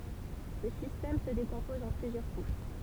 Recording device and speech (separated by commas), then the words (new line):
temple vibration pickup, read sentence
Le système se décompose en plusieurs couches.